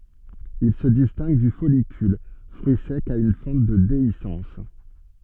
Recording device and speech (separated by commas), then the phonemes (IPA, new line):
soft in-ear microphone, read sentence
il sə distɛ̃ɡ dy fɔlikyl fʁyi sɛk a yn fɑ̃t də deisɑ̃s